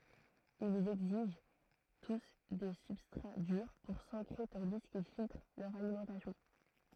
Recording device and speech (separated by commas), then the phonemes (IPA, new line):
throat microphone, read sentence
ilz ɛɡziʒ tus de sybstʁa dyʁ puʁ sɑ̃kʁe tɑ̃di kil filtʁ lœʁ alimɑ̃tasjɔ̃